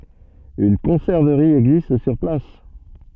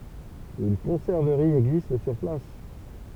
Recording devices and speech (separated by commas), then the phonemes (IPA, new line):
soft in-ear microphone, temple vibration pickup, read sentence
yn kɔ̃sɛʁvəʁi ɛɡzist syʁ plas